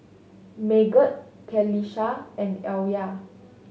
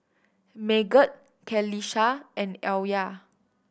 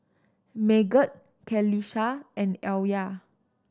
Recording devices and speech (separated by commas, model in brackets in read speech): mobile phone (Samsung S8), boundary microphone (BM630), standing microphone (AKG C214), read sentence